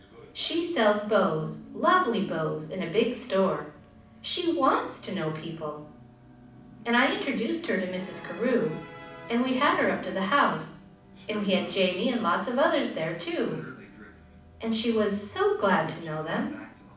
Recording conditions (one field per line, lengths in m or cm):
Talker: one person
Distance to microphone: 5.8 m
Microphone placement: far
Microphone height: 1.8 m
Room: medium-sized (5.7 m by 4.0 m)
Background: television